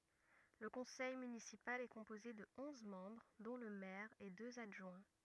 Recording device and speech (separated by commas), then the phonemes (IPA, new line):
rigid in-ear microphone, read sentence
lə kɔ̃sɛj mynisipal ɛ kɔ̃poze də ɔ̃z mɑ̃bʁ dɔ̃ lə mɛʁ e døz adʒwɛ̃